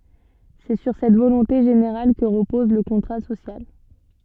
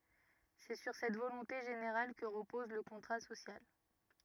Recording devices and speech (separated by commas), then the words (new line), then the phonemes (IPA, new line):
soft in-ear microphone, rigid in-ear microphone, read sentence
C'est sur cette volonté générale que repose le contrat social.
sɛ syʁ sɛt volɔ̃te ʒeneʁal kə ʁəpɔz lə kɔ̃tʁa sosjal